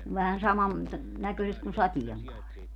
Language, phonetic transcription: Finnish, vähän 'saman ta- , 'näkö̀ⁱset kun "satieŋkaari .
- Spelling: vähän saman - näköiset kuin sateenkaari

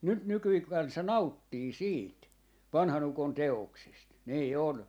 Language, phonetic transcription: Finnish, nyt 'nykyi 'kansa "nauttii 'siit , 'vanha'n ‿ukon "te₍oksest , 'nii "on .
- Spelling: nyt nykyinen kansa nauttii siitä vanhan ukon teoksesta niin on

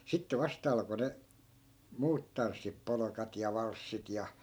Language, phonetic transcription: Finnish, 'sitte "vasta alko ne , "muut tanssip 'polokat ja 'valssit ja .
- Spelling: sitten vasta alkoi ne muut tanssit polkat ja valssit ja

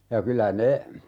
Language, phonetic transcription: Finnish, ja 'kylä "ne ,.
- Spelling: ja kyllä ne

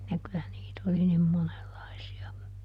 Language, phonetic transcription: Finnish, ja kylä ˈniit ‿oli nim ˈmonelˈlaisi₍a .
- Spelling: ja kyllä niitä oli niin monenlaisia

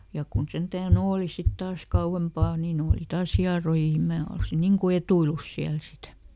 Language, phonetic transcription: Finnish, ˈja kun ˈsentää"n ‿ooli ˈsit ˈtaas ˈkau₍empà niiˈn ‿ooli "taas ˈhiaroji ni ˈmää olsi ˈniŋ ku "etuilus ˈsiäl sitä .
- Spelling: ja kun sentään oli sitten taas kauempaa niin oli taas hierojia niin minä olisin niin kuin etuillut siellä sitä

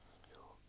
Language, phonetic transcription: Finnish, ᴊᴏᴏ .
- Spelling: Joo

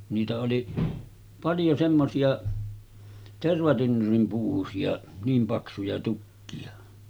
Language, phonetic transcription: Finnish, niitä oli , 'paljo semmosi₍a , 'tervatynnyrim (paksusi₍a) , 'niim 'paksuja tukki₍a .
- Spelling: niitä oli paljon semmoisia tervatynnyrin paksuisia niin paksuja tukkeja

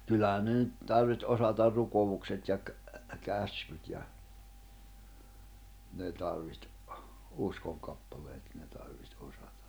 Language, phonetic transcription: Finnish, 'kyllähä̀n̆ ne nyt , tarviht '’osatar 'rukovukset ja ‿k- , 'käskyt ja , 'ne tarviht , 'uskoŋkappaleet 'ne tarviht 'osata .
- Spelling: kyllähän ne nyt tarvitsi osata rukoukset ja - käskyt ja ne tarvitsi uskonkappaleet ne tarvitsi osata

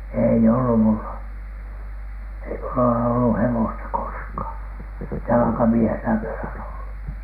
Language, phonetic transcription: Finnish, ei ollu "mulla , ei 'mulla ole ollu "hewosta 'koskhàn , "jalᵃkamiehenä mie olen ollu .
- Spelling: ei ollut minulla ei minulla ole ollut hevosta koskaan jalkamiehenä minä olen ollut

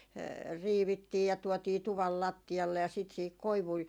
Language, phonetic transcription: Finnish, 'riivittii ja 'tuɔtii 'tuval "latti₍alle ja sit siihik 'koivui ,.
- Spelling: riivittiin ja tuotiin tuvan lattialle ja sitten siihen koivuja

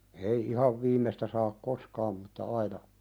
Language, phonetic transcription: Finnish, ei "ihav 'viim̆mestä saak "koskaam mutta 'aina ,.
- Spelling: ei ihan viimeistä saa koskaan mutta aina

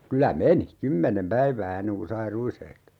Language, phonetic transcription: Finnish, 'kylä "meni , "kymmenem 'päivää 'enneŋ ku sai "ruishehto .
- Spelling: kyllä meni kymmenen päivää ennen kuin sai ruishehdon

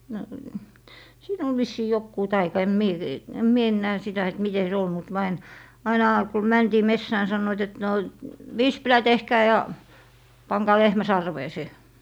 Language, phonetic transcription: Finnish, no , 'siin ‿ol 'vissii 'jokkuu "taika em 'mie , em 'mie ennää 'sitä et 'mite se 'ol mut myö ain , 'ainà ku 'mäntii "messää ni 'sannoit et no , » "vispilä 'tehhää ja , 'paŋkaa 'lehmä 'sarvee se » .
- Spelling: no siinä oli vissiin joku taika en minä en minä enää sitä että miten se oli mutta me aina aina kun mentiin metsään niin sanoivat että no vispilä tehdään ja pankaa lehmän sarveen se

